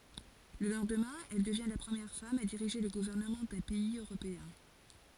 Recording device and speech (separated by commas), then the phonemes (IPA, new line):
forehead accelerometer, read sentence
lə lɑ̃dmɛ̃ ɛl dəvjɛ̃ la pʁəmjɛʁ fam a diʁiʒe lə ɡuvɛʁnəmɑ̃ dœ̃ pɛiz øʁopeɛ̃